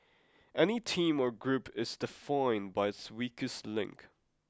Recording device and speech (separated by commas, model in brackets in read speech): close-talking microphone (WH20), read sentence